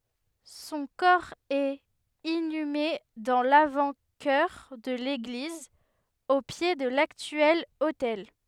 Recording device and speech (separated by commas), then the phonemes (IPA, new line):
headset microphone, read sentence
sɔ̃ kɔʁ ɛt inyme dɑ̃ lavɑ̃tʃœʁ də leɡliz o pje də laktyɛl otɛl